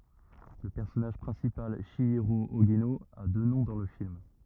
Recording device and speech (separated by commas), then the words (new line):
rigid in-ear microphone, read sentence
Le personnage principal, Chihiro Ogino, a deux noms dans le film.